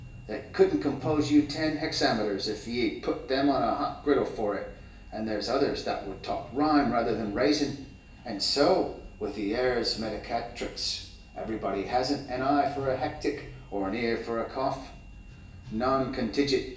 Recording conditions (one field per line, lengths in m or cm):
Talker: one person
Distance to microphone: 1.8 m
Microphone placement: close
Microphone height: 1.0 m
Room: large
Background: music